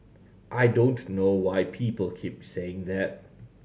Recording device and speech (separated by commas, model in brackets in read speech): mobile phone (Samsung C7100), read sentence